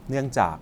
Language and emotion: Thai, neutral